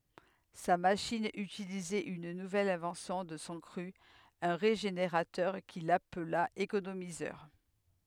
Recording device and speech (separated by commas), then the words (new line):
headset microphone, read sentence
Sa machine utilisait une nouvelle invention de son cru, un régénérateur, qu'il appela économiseur.